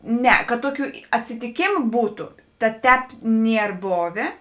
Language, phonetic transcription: Lithuanian, ˈne kad ˈtoˌkių atsitiˈkėmu ˈbūtu tad ˈtēp ˈnier ˈbovė

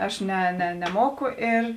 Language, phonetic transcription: Lithuanian, ˈaš ne ne neˈmoku ir

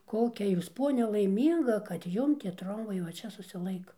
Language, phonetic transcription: Lithuanian, ˈkokia ˈjūs ˈponia laiˈmynga kad ˈjum tie ˈtrombai va ˈčia susiˈlaika

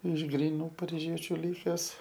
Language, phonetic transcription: Lithuanian, iš gryˈnų pariˈžiečiu ˈlikes

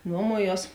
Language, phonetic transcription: Lithuanian, ˈnuomuoˌjuos

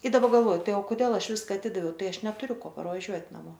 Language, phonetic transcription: Lithuanian, i daˈba galˈvoju ˈtai o koˈdėl ˈaš ˈviska aˈtidaviau ˈtai ˈaš netuˈriu ˈko parvaˈžiuot' naˈmo

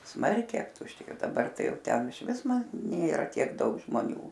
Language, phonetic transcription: Lithuanian, ˈsmarkiai aptušˈtėjo daˈbar ˈtai ˈjau ˈten ˈišvis ma ˈnėra ˈtiek ˈdaug žmoˈnių

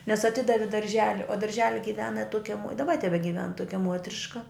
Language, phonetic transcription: Lithuanian, nes aˈtidavi darˈželi o darˈželi giˈvena ˈtuokia muot i daˈba tebegiˈven ˈtuokia ˈmuotriška

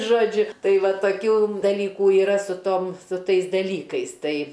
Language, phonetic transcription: Lithuanian, ˈžodžiu ˈtai ˈva toˈkių daˈlykų yˈra su ˈtom su ˈtais daˈlykais ˈtai

